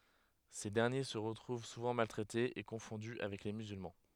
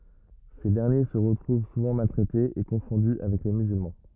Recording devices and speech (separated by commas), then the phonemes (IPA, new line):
headset microphone, rigid in-ear microphone, read sentence
se dɛʁnje sə ʁətʁuv suvɑ̃ maltʁɛtez e kɔ̃fɔ̃dy avɛk le myzylmɑ̃